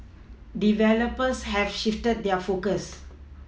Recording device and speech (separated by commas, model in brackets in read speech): mobile phone (iPhone 6), read sentence